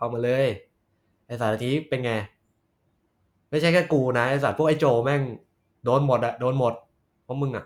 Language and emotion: Thai, frustrated